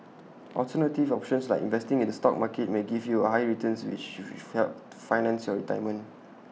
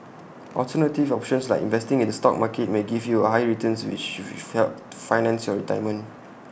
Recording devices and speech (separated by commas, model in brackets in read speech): mobile phone (iPhone 6), boundary microphone (BM630), read sentence